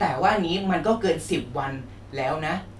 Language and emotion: Thai, frustrated